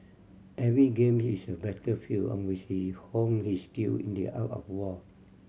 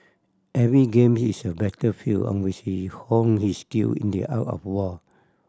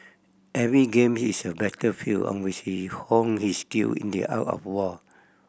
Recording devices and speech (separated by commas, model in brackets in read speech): mobile phone (Samsung C7100), standing microphone (AKG C214), boundary microphone (BM630), read sentence